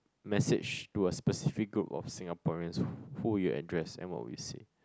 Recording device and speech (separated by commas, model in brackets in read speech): close-talking microphone, conversation in the same room